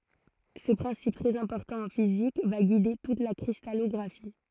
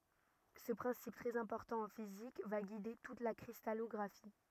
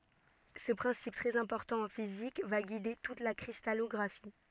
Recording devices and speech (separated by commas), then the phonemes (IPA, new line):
throat microphone, rigid in-ear microphone, soft in-ear microphone, read sentence
sə pʁɛ̃sip tʁɛz ɛ̃pɔʁtɑ̃ ɑ̃ fizik va ɡide tut la kʁistalɔɡʁafi